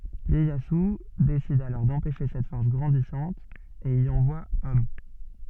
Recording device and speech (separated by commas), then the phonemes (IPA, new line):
soft in-ear microphone, read sentence
jɛjazy desid alɔʁ dɑ̃pɛʃe sɛt fɔʁs ɡʁɑ̃disɑ̃t e i ɑ̃vwa ɔm